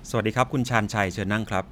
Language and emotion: Thai, neutral